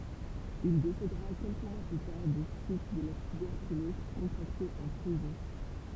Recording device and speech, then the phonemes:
temple vibration pickup, read sentence
il desedəʁa kɛlkə mwa ply taʁ de syit də la tybɛʁkylɔz kɔ̃tʁakte ɑ̃ pʁizɔ̃

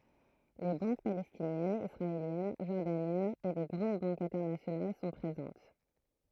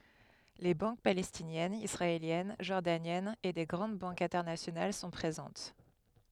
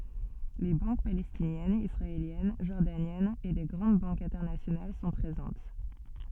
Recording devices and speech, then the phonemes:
throat microphone, headset microphone, soft in-ear microphone, read sentence
le bɑ̃k palɛstinjɛnz isʁaeljɛn ʒɔʁdanjɛnz e de ɡʁɑ̃d bɑ̃kz ɛ̃tɛʁnasjonal sɔ̃ pʁezɑ̃t

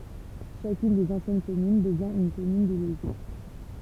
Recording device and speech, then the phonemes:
temple vibration pickup, read sentence
ʃakyn dez ɑ̃sjɛn kɔmyn dəvjɛ̃ yn kɔmyn deleɡe

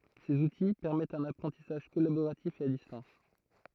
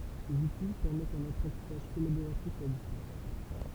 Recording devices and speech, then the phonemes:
throat microphone, temple vibration pickup, read sentence
sez uti pɛʁmɛtt œ̃n apʁɑ̃tisaʒ kɔlaboʁatif e a distɑ̃s

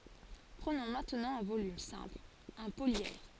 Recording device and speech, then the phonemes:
forehead accelerometer, read sentence
pʁənɔ̃ mɛ̃tnɑ̃ œ̃ volym sɛ̃pl œ̃ poljɛdʁ

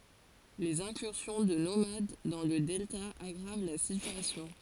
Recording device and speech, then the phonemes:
forehead accelerometer, read sentence
lez ɛ̃kyʁsjɔ̃ də nomad dɑ̃ lə dɛlta aɡʁav la sityasjɔ̃

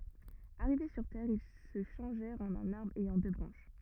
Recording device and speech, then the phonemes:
rigid in-ear microphone, read sentence
aʁive syʁ tɛʁ il sə ʃɑ̃ʒɛʁt ɑ̃n œ̃n aʁbʁ ɛjɑ̃ dø bʁɑ̃ʃ

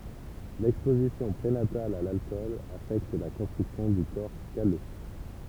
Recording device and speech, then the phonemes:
temple vibration pickup, read sentence
lɛkspozisjɔ̃ pʁenatal a lalkɔl afɛkt la kɔ̃stʁyksjɔ̃ dy kɔʁ kalø

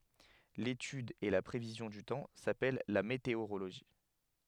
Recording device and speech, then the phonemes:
headset microphone, read sentence
letyd e la pʁevizjɔ̃ dy tɑ̃ sapɛl la meteoʁoloʒi

